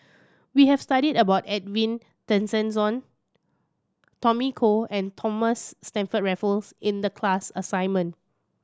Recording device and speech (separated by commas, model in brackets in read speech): standing microphone (AKG C214), read sentence